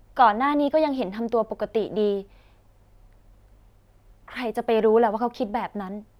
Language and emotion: Thai, sad